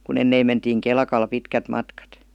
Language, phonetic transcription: Finnish, ku'n ‿enneim mentiiŋ "kelkal 'pitkät 'matkat .
- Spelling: kun ennen mentiin kelkalla pitkät matkat

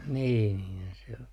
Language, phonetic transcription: Finnish, 'nii niinhän se o .
- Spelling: niin niinhän se on

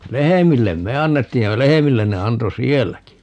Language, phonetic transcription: Finnish, "lehemillem "me 'annettiij ja "lehemillen ne 'anto "sielläki .
- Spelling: lehmille me annettiin ja lehmille ne antoi sielläkin

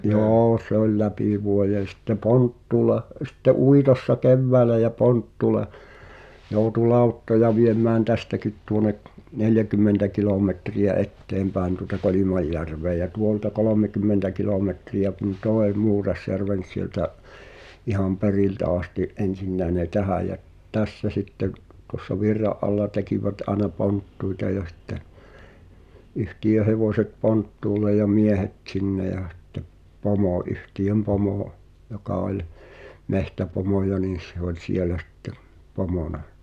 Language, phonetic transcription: Finnish, 'jô se ‿oĺ "läpi vuojen̬ sᴵtte "ponttuula , sᴵtte "uitossa "kevväälä ja "ponttuul(a) , jòu̬tu "lauttoja viem̆mään 'tästäkit tuonek̳ , 'neljäkymmentä 'kilòmetri₍ä "etteempääen tuᵒta "Kolimajjärv̀èᵃ̈ ja 'tuolta "kolòmekymmentä 'kilòmetri₍ä kun "tòe 'Muurasjärven̬ ˢ- siĕltä’ , iham "perìltä asti’ "’en̬sinnäe ne "tänä jä’ , "tässä sitteⁿ , tuŏssa 'virra’ ’alla 'tekivät aena "ponttuita ja sⁱtte , 'yhtiʲö 'hevòset "ponttuul̆lej ja 'miehet "t̳sinne ja h̳ᴵttep , 'pomò 'yhtiʲöm 'pomò , joka oĺ , 'mehtäpomoja nii s- se ‿oĺ "sielä sⁱtte , 'pomòna .
- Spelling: joo se oli läpi vuoden sitten ponttuulla sitten uitossa keväällä ja ponttuulla joutui lauttoja viemään tästäkin tuonne neljäkymmentä kilometriä eteenpäin tuota Kolimajärven ja tuolta kolmekymmentä kilometriä kun tuon Muurasjärven - sieltä ihan periltä asti ensinnäkin ne tähän ja tässä sitten tuossa virran alla tekivät aina ponttuita ja sitten yhtiön hevoset ponttuulle ja miehet sinne ja sitten pomo yhtiön pomo joka oli metsäpomoja niin - se oli siellä sitten pomona

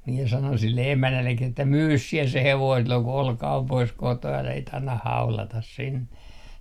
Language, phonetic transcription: Finnish, miɛ sanon sille 'emännällek̆ki että » "myys 'siɛ se 'hevoin silloŋ ku "Olka om pois 'kotoo älä sit annah "haulatas 'sinne » .
- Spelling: minä sanoin sille emännällekin että myy sinä se hevonen silloin kun Olka on poissa kotoa älä sitten anna haudata sinne

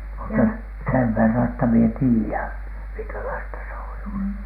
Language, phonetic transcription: Finnish, mutta 'sev 'verran että mie "tii₍än , miŋkäiaista se on (ollu) .
- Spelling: mutta sen verran että minä tiedän minkälaista se on ollut

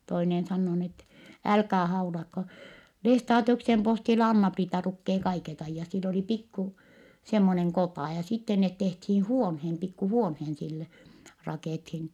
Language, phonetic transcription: Finnish, toinen sannoo nii ettɛ , » älkää haulakko , Lestaatiuksem postilla Anna-Priita lukkee kaiket ‿aijjat » , sill ‿olì pikku- , semmoneŋ kotà , ja sitte net tehthii huonheen pikku huonheen sille , rakèthin .
- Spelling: toinen sanoo niin että älkää haulatko Lestadiuksen postilla Anna-Priita lukee kaiket ajat sillä oli pikku semmoinen kota ja sitten ne tehtiin huoneen pikku huoneen sille rakennettiin

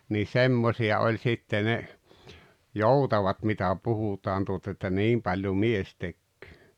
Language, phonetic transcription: Finnish, nii "semmosi₍a oĺ sitte ne , "joutavat mitä 'puhutaan tuota että "niim paĺjo "mies 'tekköö .
- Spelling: niin semmoisia oli sitten ne joutavat mitä puhutaan tuota että niin paljon mies tekee

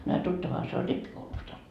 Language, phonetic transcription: Finnish, no a 'tuttavaha se oĺ "rippikoulusta .
- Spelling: no a tuttavahan se oli rippikoulusta

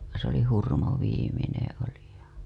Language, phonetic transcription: Finnish, se ‿oli 'Hurmo viimineḛ oli ja .
- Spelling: se oli Hurmo viimeinen oli ja

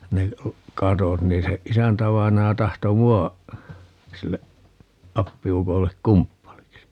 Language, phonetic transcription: Finnish, 'ne , "katot 'nii se , 'isäntävainaja 'tahto "mua , 'sille , 'appi₍ukollek "kumppaliksi .
- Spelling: ne katot niin se isäntävainaja tahtoi minua sille appiukolle kumppaniksi

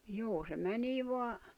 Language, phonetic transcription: Finnish, juu se 'mänii voa ,.
- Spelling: juu se menee vain

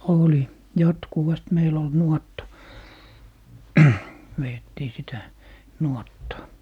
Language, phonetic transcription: Finnish, 'oli , 'jatkuvast 'meil ‿ol "nuɔtta , 'veettii sitä , "nuottaa .
- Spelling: oli jatkuvasti meillä oli nuotta vedettiin sitä nuottaa

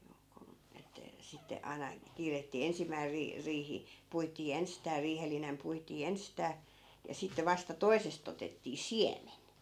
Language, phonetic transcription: Finnish, juu kun , että , 'sitte 'ai̮na , 'kiirettii 'ensimmäi rii- , 'riihi , 'puitii 'enstää 'riihellinem puitii "enstää , ja sitte 'vasta "toisest ‿otettii "siemen .
- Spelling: juu kun että sitten aina kiirettiin ensimmäisenä - riihi puitiin ensistään riihellinen puitiin ensistään ja sitten vasta toisesta otettiin siemen

